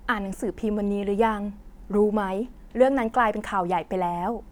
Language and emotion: Thai, neutral